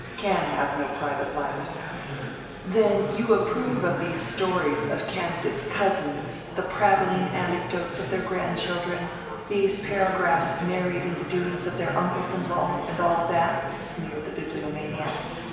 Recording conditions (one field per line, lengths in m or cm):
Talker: one person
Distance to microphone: 1.7 m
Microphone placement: close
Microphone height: 1.0 m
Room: very reverberant, large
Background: babble